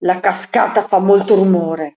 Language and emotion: Italian, angry